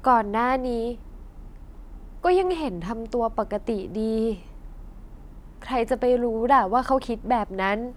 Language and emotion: Thai, neutral